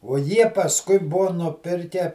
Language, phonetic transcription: Lithuanian, o ˈjie pasˈkui ˈbuo nuˈpirke

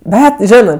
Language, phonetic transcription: Lithuanian, ˈbet ˈžinɜ

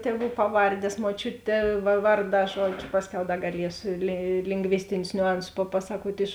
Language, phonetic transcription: Lithuanian, teˈvų ˈpaˌvardės muoˈčiutė va ˈvarˌdā ˈžuodžiu ˈpasˌkiau ˈda gaˈliesu li lingˈvistinius niuˈansus paˈpasakuot' iš

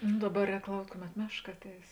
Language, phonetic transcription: Lithuanian, nu ˈdaˌba ˈrēk ˈlaukt' ˈkuˌmet ˈmešˌka ˈatˌeis

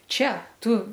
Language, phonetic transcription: Lithuanian, ˈčia ˈtu

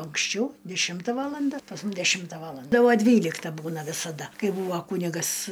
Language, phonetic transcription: Lithuanian, anksˈčiau deˈšimta ˈvalanda pas ˈmum deˈšimta ˈvalanda ˈtai ˈva ˈdvylikta ˈbūna visaˈda ˈkai ˈbūva ˈkūnigas

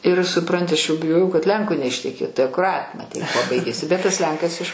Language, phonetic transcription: Lithuanian, ir suˈpranti aš jau biˈjojau kad ˈlenko neišteˈkėtu i akuˈrat' maˈtei kuo ˈbaigėsi bet tas ˈlenkas iš

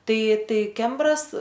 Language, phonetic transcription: Lithuanian, ˈtai ˈtai ˈkembras

